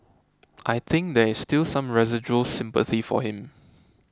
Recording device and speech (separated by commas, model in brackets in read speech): close-talking microphone (WH20), read sentence